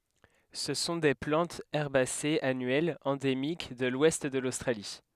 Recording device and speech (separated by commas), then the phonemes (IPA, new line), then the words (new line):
headset microphone, read sentence
sə sɔ̃ de plɑ̃tz ɛʁbasez anyɛlz ɑ̃demik də lwɛst də lostʁali
Ce sont des plantes herbacées annuelles, endémiques de l'ouest de l'Australie.